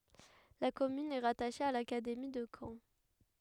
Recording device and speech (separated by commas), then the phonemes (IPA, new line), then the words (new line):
headset microphone, read sentence
la kɔmyn ɛ ʁataʃe a lakademi də kɑ̃
La commune est rattachée à l’académie de Caen.